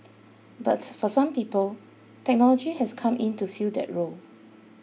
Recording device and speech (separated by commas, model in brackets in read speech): mobile phone (iPhone 6), read sentence